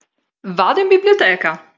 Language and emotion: Italian, happy